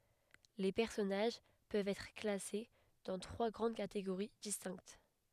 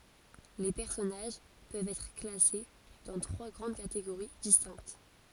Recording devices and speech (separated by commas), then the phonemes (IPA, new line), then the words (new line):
headset microphone, forehead accelerometer, read sentence
le pɛʁsɔnaʒ pøvt ɛtʁ klase dɑ̃ tʁwa ɡʁɑ̃d kateɡoʁi distɛ̃kt
Les personnages peuvent être classés dans trois grandes catégories distinctes.